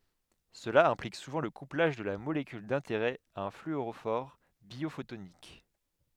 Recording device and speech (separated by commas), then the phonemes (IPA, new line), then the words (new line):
headset microphone, read sentence
səla ɛ̃plik suvɑ̃ lə kuplaʒ də la molekyl dɛ̃teʁɛ a œ̃ flyoʁofɔʁ bjofotonik
Cela implique souvent le couplage de la molécule d'intérêt à un fluorophore biophotonique.